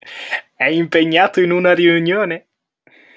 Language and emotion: Italian, happy